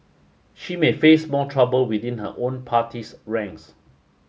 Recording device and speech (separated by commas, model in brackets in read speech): mobile phone (Samsung S8), read sentence